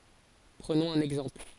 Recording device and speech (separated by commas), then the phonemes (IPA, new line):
forehead accelerometer, read sentence
pʁənɔ̃z œ̃n ɛɡzɑ̃pl